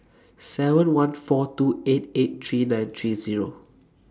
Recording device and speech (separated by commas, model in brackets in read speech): standing microphone (AKG C214), read sentence